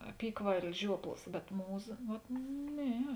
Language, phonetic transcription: Lithuanian, apykvailis ˈžiuoplas bet ˈmūˌza vat ˈne

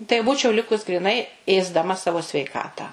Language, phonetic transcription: Lithuanian, tai ˈbūčiau ˈlikus griˈnai ėsdaˈma ˈsavo sveiˈkatą

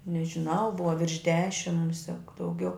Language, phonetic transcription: Lithuanian, nežiˈnau ˈbuva virš ˈdešim ˈmusiak dauˈgiau

